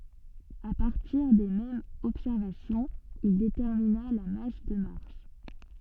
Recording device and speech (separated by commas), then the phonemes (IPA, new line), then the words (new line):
soft in-ear microphone, read sentence
a paʁtiʁ de mɛmz ɔbsɛʁvasjɔ̃z il detɛʁmina la mas də maʁs
À partir des mêmes observations, il détermina la masse de Mars.